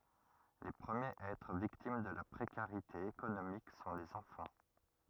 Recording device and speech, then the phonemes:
rigid in-ear microphone, read sentence
le pʁəmjez a ɛtʁ viktim də la pʁekaʁite ekonomik sɔ̃ lez ɑ̃fɑ̃

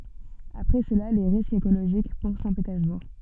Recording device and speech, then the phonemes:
soft in-ear microphone, read sentence
apʁɛ səla le ʁiskz ekoloʒik puʁ sɛ̃tpetɛʁzbuʁ

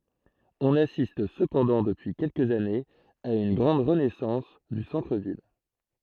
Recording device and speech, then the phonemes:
throat microphone, read sentence
ɔ̃n asist səpɑ̃dɑ̃ dəpyi kɛlkəz anez a yn ɡʁɑ̃d ʁənɛsɑ̃s dy sɑ̃tʁ vil

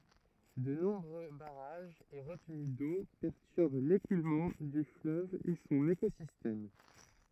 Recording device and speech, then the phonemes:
throat microphone, read sentence
də nɔ̃bʁø baʁaʒz e ʁətəny do pɛʁtyʁb lekulmɑ̃ dy fløv e sɔ̃n ekozistɛm

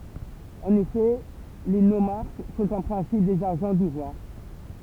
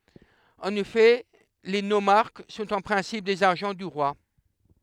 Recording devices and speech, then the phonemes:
temple vibration pickup, headset microphone, read sentence
ɑ̃n efɛ le nomaʁk sɔ̃t ɑ̃ pʁɛ̃sip dez aʒɑ̃ dy ʁwa

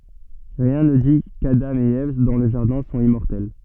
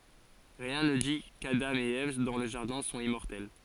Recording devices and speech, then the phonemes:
soft in-ear microphone, forehead accelerometer, read sentence
ʁiɛ̃ nə di kadɑ̃ e ɛv dɑ̃ lə ʒaʁdɛ̃ sɔ̃t immɔʁtɛl

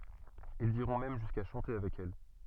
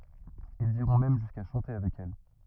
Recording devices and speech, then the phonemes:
soft in-ear microphone, rigid in-ear microphone, read sentence
ilz iʁɔ̃ mɛm ʒyska ʃɑ̃te avɛk ɛl

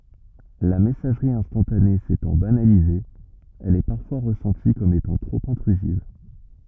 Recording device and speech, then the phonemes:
rigid in-ear microphone, read sentence
la mɛsaʒʁi ɛ̃stɑ̃tane setɑ̃ banalize ɛl ɛ paʁfwa ʁəsɑ̃ti kɔm etɑ̃ tʁop ɛ̃tʁyziv

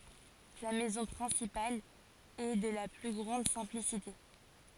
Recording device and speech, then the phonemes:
forehead accelerometer, read sentence
la mɛzɔ̃ pʁɛ̃sipal ɛ də la ply ɡʁɑ̃d sɛ̃plisite

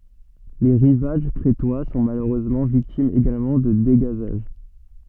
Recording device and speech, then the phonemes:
soft in-ear microphone, read sentence
le ʁivaʒ kʁetwa sɔ̃ maløʁøzmɑ̃ viktimz eɡalmɑ̃ də deɡazaʒ

